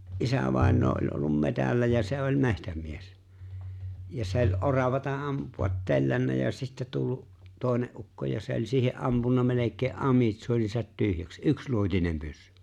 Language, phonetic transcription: Finnish, ’isävàeǹoo oĺ ’ollum 'metällä ja se 'oĺ "me̬htäm̀ies , ja 'se ‿ô͕ĺ 'oravata 'ampu₍at "tellännä ja sittä tullu’ , 'tòene’ ’ukko ja se ‿o͕ĺ siihe’ '’ampun̆na melek̀ee '’amitsuonisat 'tyhjäks , '’yksluotinem 'pyssʏ .
- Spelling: isävainaja on ollut metsällä ja se oli metsämies ja se oli oravaa ampua tellännyt ja sitten tullut toinen ukko ja se oli siihen ampunut melkein amitsuoninsa tyhjäksi yksiluotinen pyssy

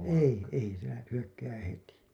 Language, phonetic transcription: Finnish, 'ei , 'ei , se lä- , hyökkää 'heti .
- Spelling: ei ei se - hyökkää heti

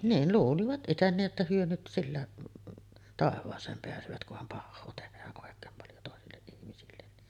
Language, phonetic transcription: Finnish, niin , 'luulivat ’iten nii’ ’että 'hyö nyt 'sillä , "tàev̆vaas̀eem peäsövät kuham 'pahhoo tehää’ ’òek̀eem paljo 'tòesilleˀ ˀihmisillen ni .
- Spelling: niin luulivat itse niin että he nyt sillä taivaaseen pääsevät kunhan pahaa tehdään oikein paljon toisille ihmisille niin

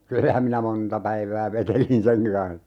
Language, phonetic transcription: Finnish, "kyllähäm minä 'monta 'päivää 'vetelin 'seŋ(ki) kan(s) .
- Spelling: kyllähän minä monta päivää vetelin senkin kanssa

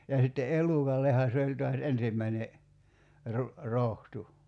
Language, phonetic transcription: Finnish, ja sitte "’elukalleha se oĺ toas 'ensimmäine , ru- , 'rohtu .
- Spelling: ja sitten elukallehan se oli taas ensimmäinen - rohto

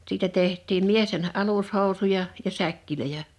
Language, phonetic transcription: Finnish, siitä 'teht̆tiim "miesten "’alushòu̬suja , ja 'säkkilöjä .
- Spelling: siitä tehtiin miesten alushousuja ja säkkejä

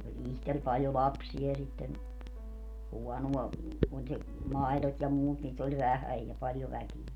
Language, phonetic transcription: Finnish, oĺ 'ihtel paljo "lapsi₍a ja sitten , 'huɔnua , oĺ se , "mai̮lot ja 'muut niit ‿oĺ 'vähäj ja 'paljo 'väkie .
- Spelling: oli itsellä paljon lapsia ja sitten huonoa oli se maidot ja muut niitä oli vähän ja paljon väkeä

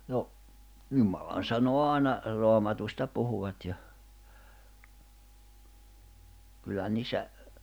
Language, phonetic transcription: Finnish, no , 'jumalan̬sanoa 'àina , 'Roamatusta 'puhuwat ja , kyllähän 'niissä ,.
- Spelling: no jumalansanaa aina Raamatusta puhuivat ja kyllähän niissä

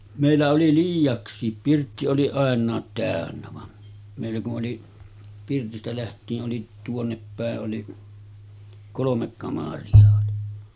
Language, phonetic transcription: Finnish, mèillä oli "liij̆jaks̆siip 'pirtti oli àen̆naat tä̀önnä van , mèillä ku’ ’oli , 'pirtistä läht̆tii’ ’oli , 'tuonneppä̀e’ ’oli , 'kolomek kamari₍a oli .
- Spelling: meillä oli liiaksi pirtti oli ainakin täynnä vaan meillä kun oli pirtistä lähtien oli tuonnepäin oli kolme kamaria oli

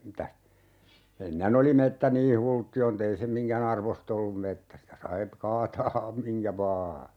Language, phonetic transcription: Finnish, 'mitäs , 'ennen ‿oli 'mettä nii "hultti₍on't ‿ei se 'miŋkä"n ‿arvost ‿ollum 'mettä sitä sai , 'kaataa , 'miŋkä "vaa .
- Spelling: mitäs ennen oli metsä niin hulttioin että ei se minkään arvoista ollut metsä sitä sai kaataa minkä vain

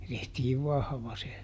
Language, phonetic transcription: Finnish, (se) ˈtehtiiv ˈvahva se .
- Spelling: se tehtiin vahva se

